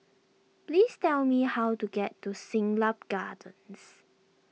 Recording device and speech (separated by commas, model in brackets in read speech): mobile phone (iPhone 6), read sentence